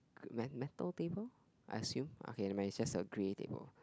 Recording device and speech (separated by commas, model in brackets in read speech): close-talking microphone, conversation in the same room